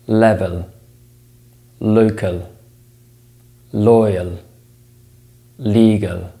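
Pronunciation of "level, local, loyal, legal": In 'level', 'local', 'loyal' and 'legal', every L is said as a light L sound.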